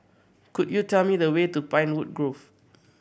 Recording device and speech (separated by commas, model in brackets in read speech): boundary microphone (BM630), read sentence